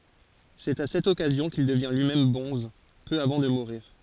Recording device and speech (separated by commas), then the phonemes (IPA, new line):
forehead accelerometer, read sentence
sɛt a sɛt ɔkazjɔ̃ kil dəvjɛ̃ lyimɛm bɔ̃z pø avɑ̃ də muʁiʁ